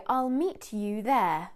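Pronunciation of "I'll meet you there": In 'meet you', the t and the y do not merge into a ch sound; this is not how the phrase is said when speaking quickly in conversation.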